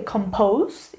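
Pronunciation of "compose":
'Compose' is pronounced incorrectly here.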